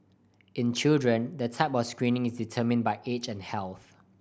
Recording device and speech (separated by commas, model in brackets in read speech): boundary microphone (BM630), read sentence